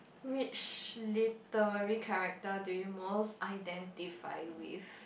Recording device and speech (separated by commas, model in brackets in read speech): boundary microphone, conversation in the same room